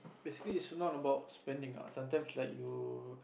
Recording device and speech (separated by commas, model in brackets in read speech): boundary microphone, conversation in the same room